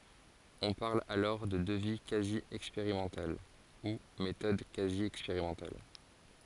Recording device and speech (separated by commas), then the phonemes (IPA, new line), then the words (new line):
forehead accelerometer, read sentence
ɔ̃ paʁl alɔʁ də dəvi kazi ɛkspeʁimɑ̃tal u metɔd kazi ɛkspeʁimɑ̃tal
On parle alors de devis quasi expérimental ou méthode quasi expérimentale.